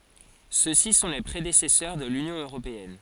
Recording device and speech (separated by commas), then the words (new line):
forehead accelerometer, read sentence
Ceux-ci sont les prédécesseurs de l'Union européenne.